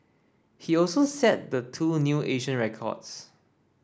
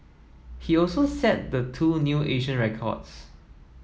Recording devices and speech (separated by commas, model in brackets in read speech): standing microphone (AKG C214), mobile phone (iPhone 7), read sentence